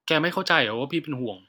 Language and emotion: Thai, frustrated